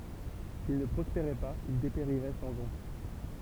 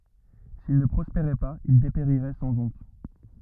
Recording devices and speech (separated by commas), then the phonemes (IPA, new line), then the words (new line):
temple vibration pickup, rigid in-ear microphone, read sentence
sil nə pʁɔspeʁɛ paz il depeʁiʁɛ sɑ̃ ɔ̃t
S'il ne prospérait pas il dépérirait sans honte.